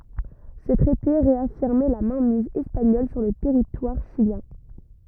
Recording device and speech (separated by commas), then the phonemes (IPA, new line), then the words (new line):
rigid in-ear microphone, read sentence
sə tʁɛte ʁeafiʁmɛ la mɛ̃miz ɛspaɲɔl syʁ lə tɛʁitwaʁ ʃiljɛ̃
Ce traité réaffirmait la mainmise espagnole sur le territoire chilien.